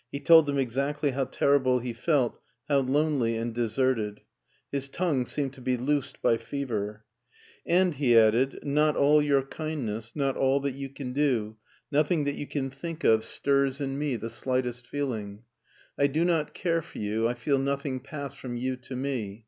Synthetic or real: real